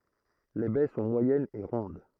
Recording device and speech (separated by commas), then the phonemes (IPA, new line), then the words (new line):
throat microphone, read sentence
le bɛ sɔ̃ mwajɛnz e ʁɔ̃d
Les baies sont moyennes et rondes.